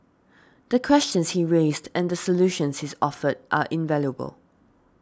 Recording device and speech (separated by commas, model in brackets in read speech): standing microphone (AKG C214), read sentence